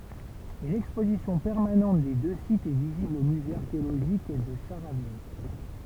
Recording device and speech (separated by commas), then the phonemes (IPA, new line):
temple vibration pickup, read sentence
yn ɛkspozisjɔ̃ pɛʁmanɑ̃t de dø sitz ɛ vizibl o myze aʁkeoloʒik də ʃaʁavin